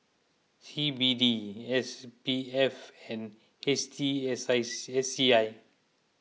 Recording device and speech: mobile phone (iPhone 6), read sentence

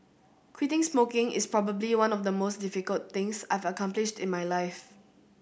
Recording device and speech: boundary microphone (BM630), read sentence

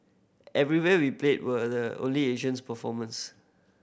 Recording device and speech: boundary microphone (BM630), read sentence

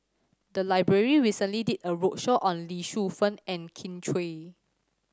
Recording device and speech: standing microphone (AKG C214), read sentence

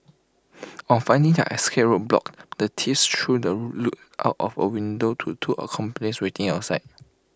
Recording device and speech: close-talking microphone (WH20), read sentence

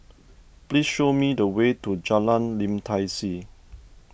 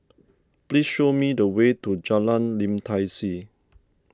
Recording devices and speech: boundary microphone (BM630), standing microphone (AKG C214), read sentence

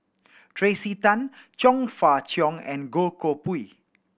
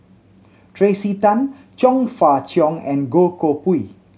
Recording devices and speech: boundary microphone (BM630), mobile phone (Samsung C7100), read sentence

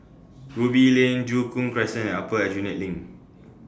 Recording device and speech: standing microphone (AKG C214), read sentence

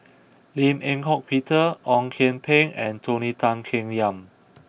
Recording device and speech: boundary microphone (BM630), read sentence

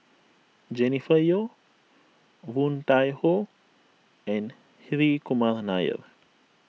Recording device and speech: mobile phone (iPhone 6), read sentence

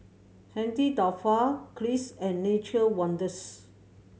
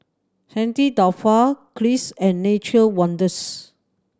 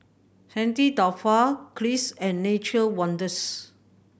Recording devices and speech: mobile phone (Samsung C7100), standing microphone (AKG C214), boundary microphone (BM630), read sentence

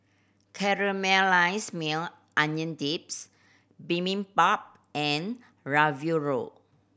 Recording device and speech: boundary microphone (BM630), read sentence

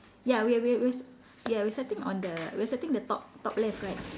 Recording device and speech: standing microphone, conversation in separate rooms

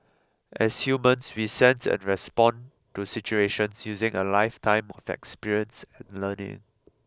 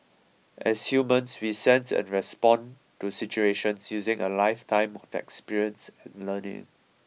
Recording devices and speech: close-talking microphone (WH20), mobile phone (iPhone 6), read sentence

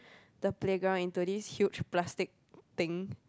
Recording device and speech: close-talking microphone, conversation in the same room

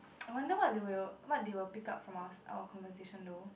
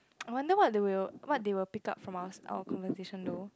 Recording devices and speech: boundary microphone, close-talking microphone, conversation in the same room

